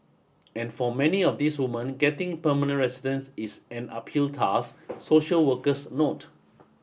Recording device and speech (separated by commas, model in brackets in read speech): boundary microphone (BM630), read sentence